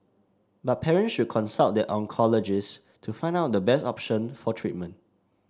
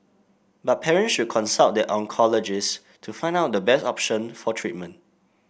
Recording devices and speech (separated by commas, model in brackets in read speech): standing microphone (AKG C214), boundary microphone (BM630), read sentence